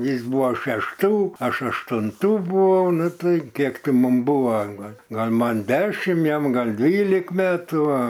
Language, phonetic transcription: Lithuanian, ˈjis ˈbuvo šešˈtų ˈaš aštunˈtų buˈvau ˈnu ˈtai ˈkiek ˈti ˈmum ˈbuva ˈgal' ˈgal' ˈman ˈdešim ˈjam gal' ˈdvylik ˈmetų ˈa

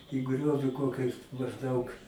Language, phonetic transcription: Lithuanian, į ˈgriovi ˈkokiais mažˈdaug

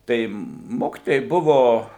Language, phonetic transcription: Lithuanian, ˈtai ˈmokitojai ˈbuvo

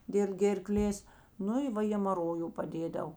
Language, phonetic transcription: Lithuanian, dėl gėrˈklės ˈnu i ˈva hėmaˈroju paˈdėdav

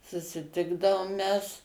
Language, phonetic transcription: Lithuanian, susiˈtikdavom ˈmes

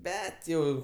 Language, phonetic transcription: Lithuanian, ˈbet jau

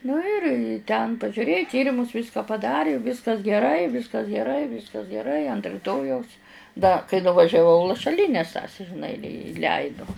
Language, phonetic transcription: Lithuanian, nu ir i ten pažiuˈrėju ˈtyrimus ˈvyska paˈdari ˈvyskas geˈrai ˈvyskas geˈrai ˈvyskas geˈrai ant riˈtojaus da kai nuvažiaˈvau lašaˈlynes tas žiˈnai i iˈleidu

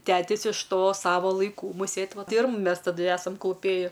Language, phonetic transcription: Lithuanian, ˈtetis iš ˈto ˈsavo laiˈkų mūˈsėt ˈvat ˈtai ir mu ˈmes taˈdu ˈesam kluˈpėji

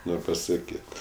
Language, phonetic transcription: Lithuanian, ˈnor' pasaˈkyt

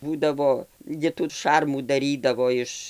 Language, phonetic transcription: Lithuanian, ˈbūdavo ˈgi tų ˈšarmų daˈrydavo ˈiš

